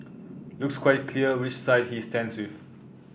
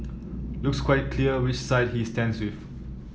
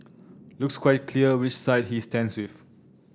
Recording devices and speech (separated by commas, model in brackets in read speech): boundary microphone (BM630), mobile phone (iPhone 7), standing microphone (AKG C214), read sentence